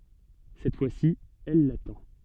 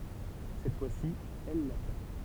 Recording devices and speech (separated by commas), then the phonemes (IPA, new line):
soft in-ear microphone, temple vibration pickup, read sentence
sɛt fwasi ɛl latɑ̃